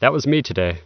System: none